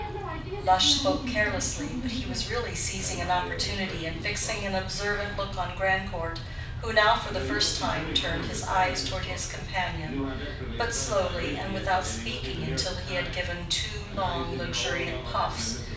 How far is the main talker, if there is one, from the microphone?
5.8 m.